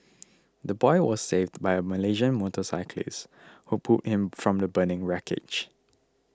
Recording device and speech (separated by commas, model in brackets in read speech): close-talking microphone (WH20), read sentence